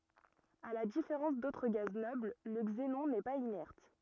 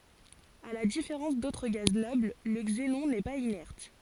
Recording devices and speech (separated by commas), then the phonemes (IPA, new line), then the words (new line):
rigid in-ear microphone, forehead accelerometer, read sentence
a la difeʁɑ̃s dotʁ ɡaz nɔbl lə ɡzenɔ̃ nɛ paz inɛʁt
À la différence d'autres gaz nobles, le xénon n'est pas inerte.